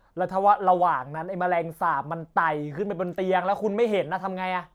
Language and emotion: Thai, frustrated